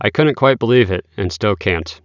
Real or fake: real